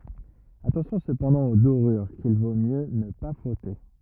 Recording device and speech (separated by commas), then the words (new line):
rigid in-ear microphone, read sentence
Attention cependant aux dorures qu'il vaut mieux ne pas frotter.